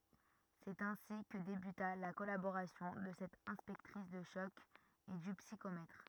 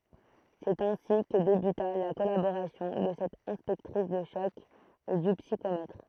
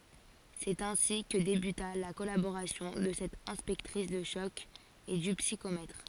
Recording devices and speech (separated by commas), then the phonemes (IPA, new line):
rigid in-ear microphone, throat microphone, forehead accelerometer, read sentence
sɛt ɛ̃si kə debyta la kɔlaboʁasjɔ̃ də sɛt ɛ̃spɛktʁis də ʃɔk e dy psikomɛtʁ